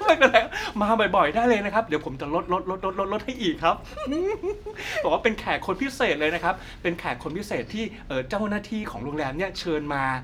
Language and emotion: Thai, happy